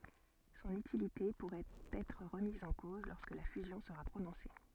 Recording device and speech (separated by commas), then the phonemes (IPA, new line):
soft in-ear microphone, read sentence
sɔ̃n ytilite puʁɛt ɛtʁ ʁəmiz ɑ̃ koz lɔʁskə la fyzjɔ̃ səʁa pʁonɔ̃se